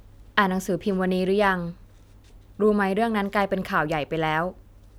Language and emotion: Thai, neutral